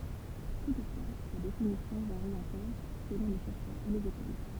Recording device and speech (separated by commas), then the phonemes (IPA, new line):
temple vibration pickup, read sentence
tutfwa sa definisjɔ̃ vaʁi ɑ̃kɔʁ səlɔ̃ le ʃɛʁʃœʁz e lez ekol